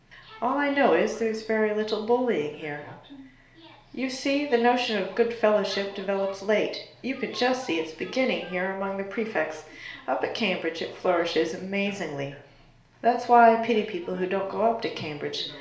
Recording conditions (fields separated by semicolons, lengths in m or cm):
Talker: one person; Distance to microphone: 1.0 m; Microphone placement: close; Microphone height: 1.1 m; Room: small (3.7 m by 2.7 m); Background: television